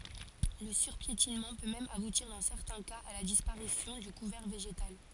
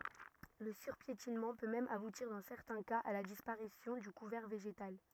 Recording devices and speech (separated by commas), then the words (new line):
forehead accelerometer, rigid in-ear microphone, read sentence
Le surpiétinement peut même aboutir dans certains cas à la disparition du couvert végétal.